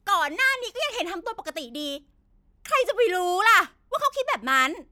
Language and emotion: Thai, angry